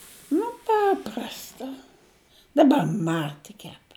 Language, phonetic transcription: Lithuanian, nu ˈpaprasta daˈbar ˈma tik kep

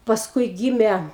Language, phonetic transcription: Lithuanian, pasˈkui ˈgyme

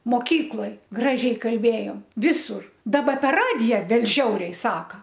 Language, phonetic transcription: Lithuanian, moˈkykloj ˈgražiai kalˈbėjom ˈvisur ˈdaba per ˈradija ˈbet ˈžiauriai ˈsaka

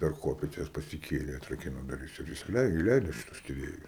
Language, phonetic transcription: Lithuanian, per ˈkopėčias pasiˈkėlė atraˈkino duˈris ir isiˈlei iˈleido šiˈtus tiˈrėjus

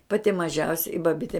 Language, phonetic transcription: Lithuanian, ˈpati maˈžiausia i baˈbite

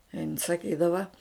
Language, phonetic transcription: Lithuanian, in saˈkydava

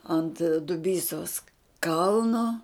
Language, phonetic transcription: Lithuanian, ˈant duˈbysos ˈkalno

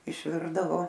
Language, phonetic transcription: Lithuanian, išˈvirdavo

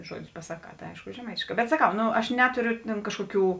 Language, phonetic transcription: Lithuanian, ˈžuodius pasaˈkā tai ˈaišku žeˈmaitėšˌkā bet saˈkau ˈno aš ˈnetorio ten ˈkažkoˌkių

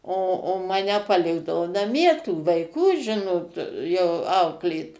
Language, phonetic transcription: Lithuanian, o o ˈmane paˈlikdavo naˈmie tų vaiˈkų ˈžinot jau ˈauklėt

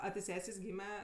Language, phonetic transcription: Lithuanian, a ti ˈsesės ˈgyme

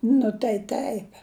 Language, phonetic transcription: Lithuanian, nu tai ˈteip

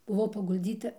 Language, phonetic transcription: Lithuanian, buˈvau pagulˈdzyta

